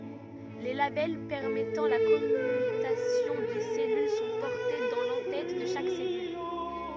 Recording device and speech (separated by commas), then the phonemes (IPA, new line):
rigid in-ear microphone, read sentence
le labɛl pɛʁmɛtɑ̃ la kɔmytasjɔ̃ de sɛlyl sɔ̃ pɔʁte dɑ̃ lɑ̃ tɛt də ʃak sɛlyl